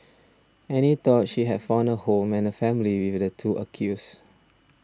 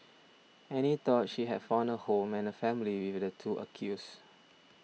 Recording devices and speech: standing microphone (AKG C214), mobile phone (iPhone 6), read sentence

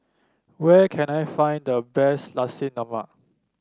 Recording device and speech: standing microphone (AKG C214), read sentence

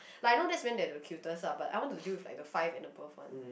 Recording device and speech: boundary microphone, conversation in the same room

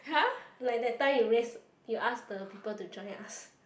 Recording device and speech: boundary microphone, conversation in the same room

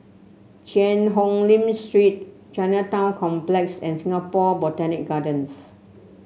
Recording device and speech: mobile phone (Samsung C7), read sentence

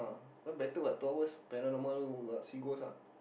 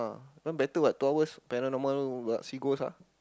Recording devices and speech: boundary microphone, close-talking microphone, conversation in the same room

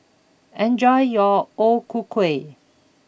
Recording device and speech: boundary microphone (BM630), read sentence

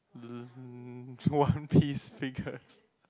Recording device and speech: close-talking microphone, conversation in the same room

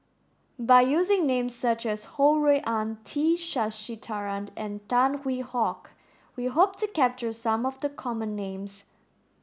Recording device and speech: standing microphone (AKG C214), read sentence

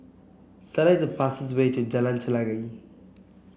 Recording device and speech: boundary microphone (BM630), read sentence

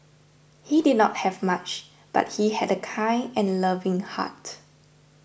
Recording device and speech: boundary microphone (BM630), read sentence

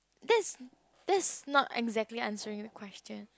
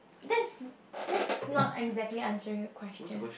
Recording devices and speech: close-talking microphone, boundary microphone, conversation in the same room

